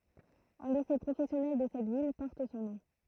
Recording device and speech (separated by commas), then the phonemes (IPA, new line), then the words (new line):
throat microphone, read sentence
œ̃ lise pʁofɛsjɔnɛl də sɛt vil pɔʁt sɔ̃ nɔ̃
Un lycée professionnel de cette ville porte son nom.